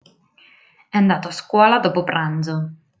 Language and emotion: Italian, neutral